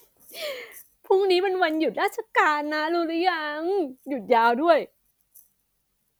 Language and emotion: Thai, happy